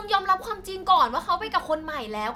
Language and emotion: Thai, angry